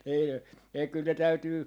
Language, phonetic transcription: Finnish, ei , ei kyl ne 'täytyy ,.
- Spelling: ei ei kyllä ne täytyy

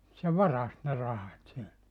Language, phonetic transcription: Finnish, se "varast ne 'rahat 'sieltä .
- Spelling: se varasti ne rahat sieltä

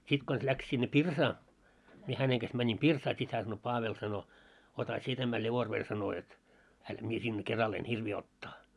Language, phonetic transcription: Finnish, 'sit kons läks sinne "pirsaa , mie 'häneŋ ɢas mäńim 'pirsaa sit hää sano » 'Paavel « sano , » ota 'sie tämä 'ĺevorver « sano jot , » hänt 'mie sinne 'keral en "hirvii 'ottaa « .
- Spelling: sitten konsa lähti sinne pirsaan minä hänen kanssa menin pirsaan sitten hän sanoi Paavel sanoi ota sinä tämä revolveri sanoi jotta häntä minä sinne keralla en hirviä ottaa

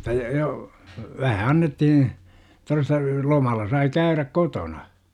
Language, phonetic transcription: Finnish, Otta j- jo , 'vähä annettihiḭ , toresta , 'lomalla sai "käyräk 'kotona .
- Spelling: jotta - jo vähän annettiin todesta lomalla sai käydä kotona

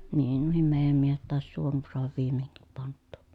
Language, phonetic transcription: Finnish, niin nuohim meejäm miehet tàes suon soahav viime(ŋkip) pant̆tUU .
- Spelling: niin nuokin meidän miehet taisi suon saada viimeinkin pantua

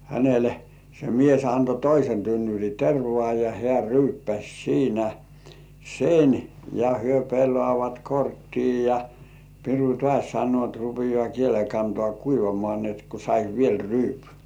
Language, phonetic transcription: Finnish, hänele , se mies anto "toisen tynnyr̜i 'tervŏ§à ja hĕä̀§ "ryyppäs̜ 'siinä "sen , ja hyö 'pellŏàvat "korttii ja , 'piru "tŏàś 'sannŭò ‿t » rupijŏà 'kiele kantŏà "kuivamŏà ni et ku sais "viel 'ryypy « .
- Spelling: hänelle se mies antoi toisen tynnyrin tervaa ja hän ryyppäsi siinä sen ja he pelaavat korttia ja piru taas sanoo että rupeaa kielen kantaa kuivamaan niin että kun saisi vielä ryypyn

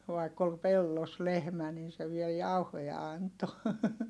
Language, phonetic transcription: Finnish, vaikk ‿ol pellos lehmä nin̬ se viel jauhoja anto .
- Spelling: vaikka oli pellossa lehmä niin se vielä jauhoja antoi

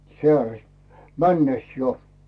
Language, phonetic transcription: Finnish, 'sᵉä̀rest , "männes jo .
- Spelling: säärestä mennessä jo

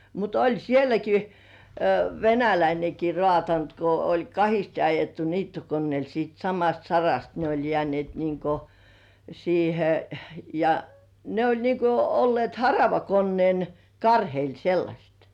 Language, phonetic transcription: Finnish, mut 'oĺ "sieläki , "venäläineki 'roàtant ko oĺ "kahiste ajettu 'niittokonnièl siit 'samast "sarast ne oĺ jĕä̀nĭèt niŋko , 'siihe , ja , 'ne oĺ niŋko olle̳e̳§t 'haravakonnĭèn , "karheil 'sellaśet .
- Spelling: mutta oli sielläkin venäläinenkin raatanut kun oli kahdesti ajettu niittokoneella sitten samasta sarasta ne oli jääneet niin kuin siihen ja ne oli niin kuin olleet haravakoneen karheilla sellaiset

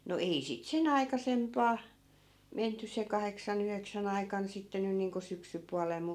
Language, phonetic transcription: Finnish, no 'ei sit "sen ‿aikasempaa , 'menty se 'kaheksa'n ‿yheksän ‿aikan sitte 'nyn̆ niiŋko 'syksypualel mu .
- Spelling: no ei sitten sen aikaisempaan menty se kahdeksan yhdeksän aikana sitten nyt niin kuin syksypuolella mutta

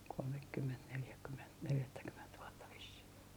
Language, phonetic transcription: Finnish, kolmekkyment neljäkkyment 'neljättäkyment vuotta vissih .
- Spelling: kolmekymmentä neljäkymmentä neljättäkymmentä vuotta vissiin

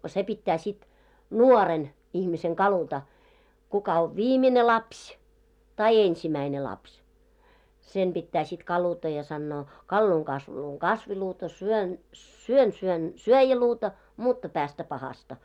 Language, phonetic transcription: Finnish, se pittää sit "nuɔren , ihmiseŋ 'kaluta , kuka ov "viimine 'lapś , tai "ensimäine 'lapś , sem ʙittää sit 'kaluta ja sannoo , » 'kalluuŋ 'kasvuluuŋ "kasviluuta , syön , 'syön syön "syöjäluuta , 'mutta päästä 'pahasta « .
- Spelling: se pitää sitten nuoren ihmisen kaluta kuka on viimeinen lapsi tai ensimmäinen lapsi sen pitää sitten kaluta ja sanoa kaluan kasvuluun kasviluuta syön syön syön syöjäluuta mutta päästä pahasta

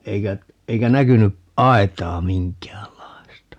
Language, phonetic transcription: Finnish, 'eikä , 'eikä 'näkyny' "ʼaet̀aa 'miŋk̀äällai̮sta .
- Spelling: eikä eikä näkynyt aitaa minkäänlaista

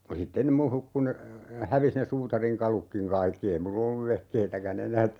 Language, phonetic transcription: Finnish, (ja) 'sitten ne mu "hukku ne , 'hävis ne 'suutariŋ"kalukkiŋ 'kaikki 'ei mul'l ‿olluv "vehkeitäkä'n ‿enäät , .
- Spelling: ja sitten ne minun hukkui ne hävisi ne suutarinkalutkin kaikki ei minulla ollut vehkeitäkään enää

